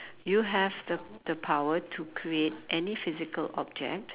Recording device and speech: telephone, conversation in separate rooms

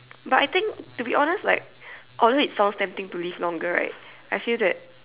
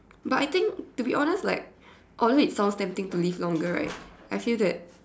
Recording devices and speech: telephone, standing microphone, conversation in separate rooms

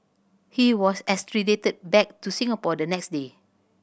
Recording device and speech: boundary microphone (BM630), read sentence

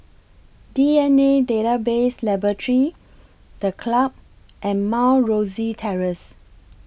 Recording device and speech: boundary microphone (BM630), read sentence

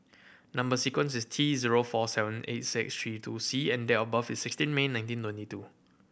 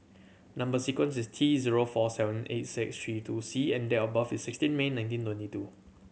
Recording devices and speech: boundary microphone (BM630), mobile phone (Samsung C7100), read sentence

